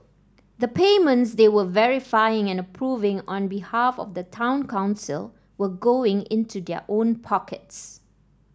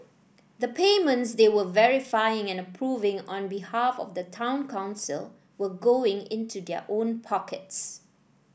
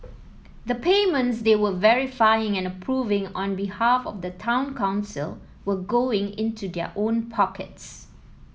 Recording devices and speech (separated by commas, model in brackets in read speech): standing microphone (AKG C214), boundary microphone (BM630), mobile phone (iPhone 7), read sentence